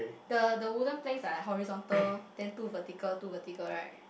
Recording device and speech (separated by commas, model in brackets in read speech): boundary microphone, conversation in the same room